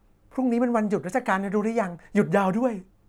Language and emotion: Thai, happy